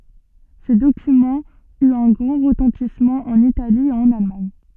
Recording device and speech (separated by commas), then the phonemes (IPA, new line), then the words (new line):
soft in-ear microphone, read sentence
sə dokymɑ̃ yt œ̃ ɡʁɑ̃ ʁətɑ̃tismɑ̃ ɑ̃n itali e ɑ̃n almaɲ
Ce document eut un grand retentissement en Italie et en Allemagne.